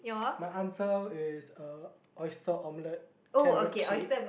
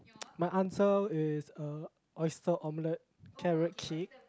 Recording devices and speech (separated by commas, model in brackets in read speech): boundary microphone, close-talking microphone, conversation in the same room